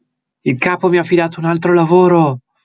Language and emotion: Italian, happy